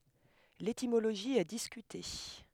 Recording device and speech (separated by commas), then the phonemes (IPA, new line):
headset microphone, read sentence
letimoloʒi ɛ diskyte